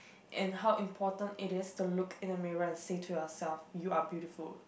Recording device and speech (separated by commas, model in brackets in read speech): boundary microphone, conversation in the same room